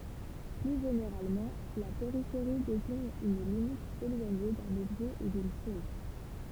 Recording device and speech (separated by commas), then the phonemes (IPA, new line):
temple vibration pickup, read sentence
ply ʒeneʁalmɑ̃ la peʁifeʁi deziɲ yn limit elwaɲe dœ̃n ɔbʒɛ u dyn ʃɔz